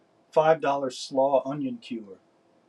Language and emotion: English, fearful